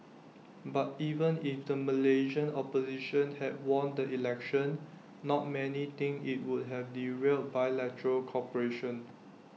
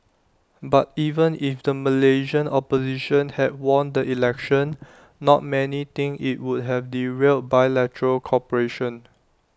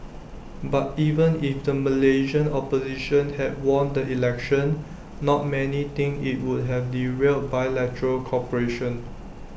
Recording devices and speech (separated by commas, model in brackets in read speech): mobile phone (iPhone 6), standing microphone (AKG C214), boundary microphone (BM630), read sentence